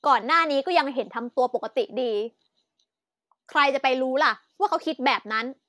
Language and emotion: Thai, angry